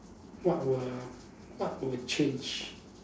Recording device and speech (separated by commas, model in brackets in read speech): standing microphone, conversation in separate rooms